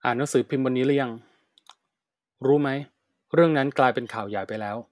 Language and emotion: Thai, neutral